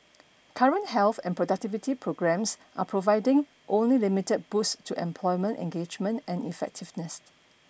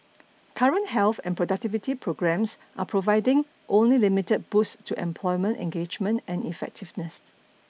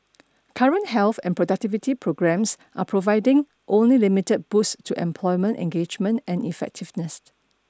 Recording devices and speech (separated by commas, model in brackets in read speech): boundary microphone (BM630), mobile phone (iPhone 6), standing microphone (AKG C214), read sentence